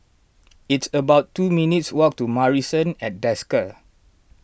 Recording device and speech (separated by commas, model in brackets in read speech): boundary microphone (BM630), read sentence